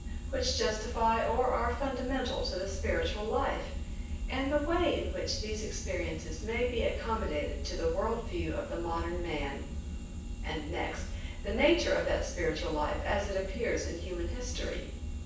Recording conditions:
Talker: one person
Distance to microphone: 9.8 m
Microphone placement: far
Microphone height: 1.8 m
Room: large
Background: none

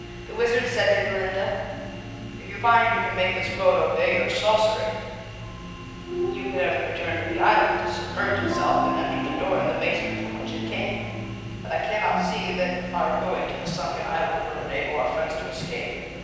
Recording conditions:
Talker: one person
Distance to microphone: 7.1 m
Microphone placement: far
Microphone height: 1.7 m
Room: very reverberant, large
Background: television

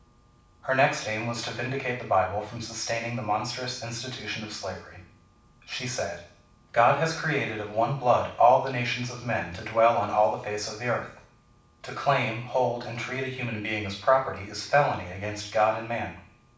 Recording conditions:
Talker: one person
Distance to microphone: 5.8 m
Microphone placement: far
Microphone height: 1.8 m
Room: medium-sized (5.7 m by 4.0 m)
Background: none

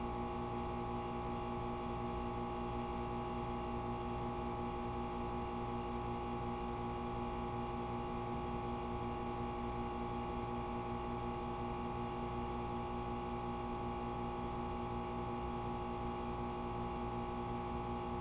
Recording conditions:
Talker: no one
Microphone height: 3.2 m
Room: very reverberant, large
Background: none

